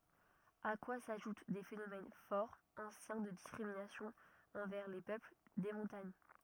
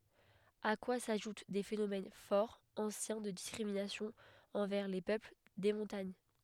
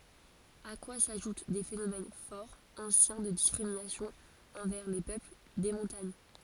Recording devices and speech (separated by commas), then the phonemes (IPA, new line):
rigid in-ear microphone, headset microphone, forehead accelerometer, read sentence
a kwa saʒut de fenomɛn fɔʁ ɑ̃sjɛ̃ də diskʁiminasjɔ̃z ɑ̃vɛʁ le pøpl de mɔ̃taɲ